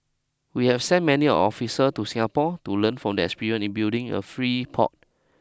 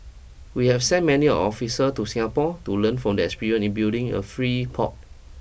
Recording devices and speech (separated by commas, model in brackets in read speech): close-talking microphone (WH20), boundary microphone (BM630), read sentence